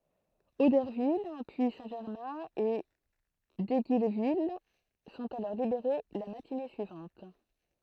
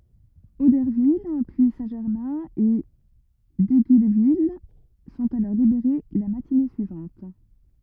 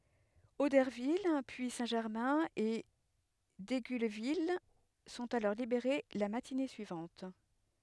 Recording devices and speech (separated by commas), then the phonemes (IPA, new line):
throat microphone, rigid in-ear microphone, headset microphone, read sentence
odɛʁvil pyi sɛ̃tʒɛʁmɛ̃ e diɡylvil sɔ̃t alɔʁ libeʁe la matine syivɑ̃t